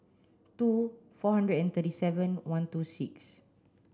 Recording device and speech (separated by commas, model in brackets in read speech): standing microphone (AKG C214), read sentence